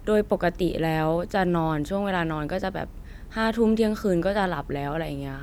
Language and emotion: Thai, neutral